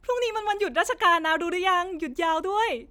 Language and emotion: Thai, happy